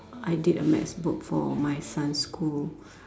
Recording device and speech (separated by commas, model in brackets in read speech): standing microphone, conversation in separate rooms